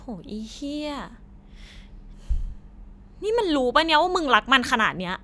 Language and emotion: Thai, angry